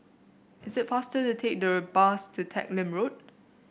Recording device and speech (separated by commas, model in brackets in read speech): boundary microphone (BM630), read sentence